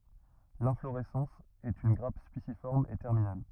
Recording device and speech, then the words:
rigid in-ear microphone, read sentence
L'inflorescence est une grappe spiciforme et terminale.

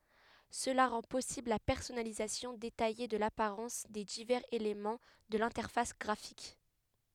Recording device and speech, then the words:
headset microphone, read sentence
Cela rend possible la personnalisation détaillée de l'apparence des divers éléments de l'interface graphique.

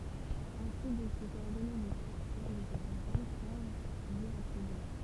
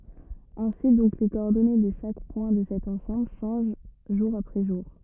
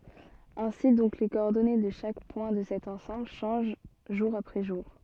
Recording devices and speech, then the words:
temple vibration pickup, rigid in-ear microphone, soft in-ear microphone, read sentence
Ainsi donc les coordonnées de chaque point de cet ensemble changent jour après jour.

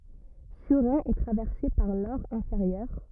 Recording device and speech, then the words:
rigid in-ear microphone, read sentence
Surrain est traversée par l'Aure inférieure.

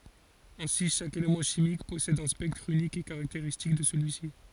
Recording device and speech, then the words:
forehead accelerometer, read sentence
Ainsi chaque élément chimique possède un spectre unique et caractéristique de celui-ci.

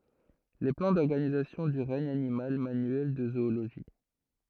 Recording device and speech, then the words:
throat microphone, read sentence
Les plans d’organisation du regne animal, manuel de zoologie.

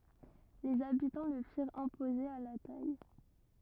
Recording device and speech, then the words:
rigid in-ear microphone, read sentence
Les habitants le firent imposer à la taille.

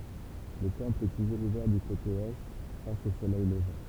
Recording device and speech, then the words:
temple vibration pickup, read sentence
Le temple est toujours ouvert du côté Est, face au soleil levant.

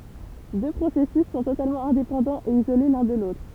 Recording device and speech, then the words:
temple vibration pickup, read sentence
Deux processus sont totalement indépendants et isolés l'un de l'autre.

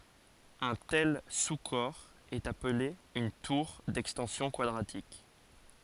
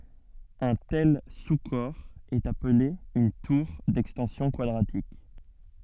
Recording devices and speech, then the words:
forehead accelerometer, soft in-ear microphone, read sentence
Un tel sous-corps est appelé une tour d'extensions quadratiques.

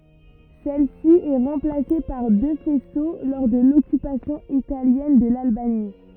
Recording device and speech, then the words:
rigid in-ear microphone, read sentence
Celle-ci est remplacée par deux faisceaux lors de l'occupation italienne de l'Albanie.

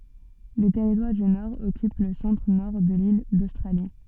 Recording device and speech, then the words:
soft in-ear microphone, read sentence
Le Territoire du Nord occupe le centre-Nord de l'île d'Australie.

